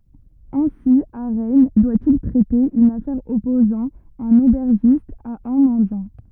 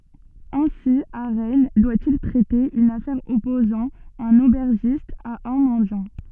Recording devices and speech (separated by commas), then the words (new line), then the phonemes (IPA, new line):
rigid in-ear microphone, soft in-ear microphone, read sentence
Ainsi à Rennes, doit-il traiter une affaire opposant un aubergiste à un mendiant.
ɛ̃si a ʁɛn dwa il tʁɛte yn afɛʁ ɔpozɑ̃ œ̃n obɛʁʒist a œ̃ mɑ̃djɑ̃